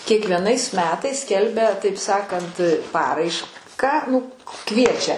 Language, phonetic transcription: Lithuanian, kiekvieˈnais ˈmetais ˈskelbia taip ˈsakant ˈparaišką nu ˈkviečia

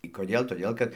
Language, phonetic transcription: Lithuanian, i koˈdėl toˈdėl kad

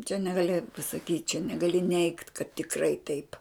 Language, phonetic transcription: Lithuanian, čia negaˈli pasaˈkyt' čia negaˈli neigt kad tikˈrai taip

